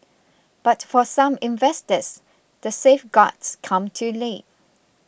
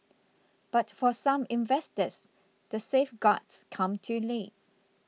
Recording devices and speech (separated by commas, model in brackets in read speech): boundary microphone (BM630), mobile phone (iPhone 6), read sentence